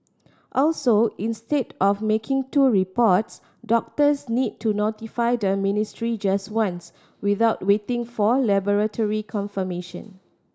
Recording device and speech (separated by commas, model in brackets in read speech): standing microphone (AKG C214), read sentence